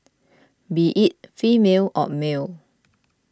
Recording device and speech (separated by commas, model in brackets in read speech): close-talking microphone (WH20), read sentence